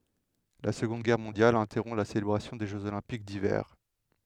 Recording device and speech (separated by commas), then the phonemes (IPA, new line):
headset microphone, read sentence
la səɡɔ̃d ɡɛʁ mɔ̃djal ɛ̃tɛʁɔ̃ la selebʁasjɔ̃ de ʒøz olɛ̃pik divɛʁ